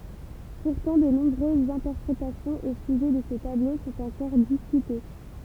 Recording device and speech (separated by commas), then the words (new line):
temple vibration pickup, read sentence
Pourtant, de nombreuses interprétations au sujet de ce tableau sont encore discutées.